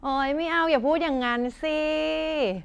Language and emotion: Thai, happy